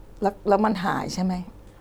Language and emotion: Thai, sad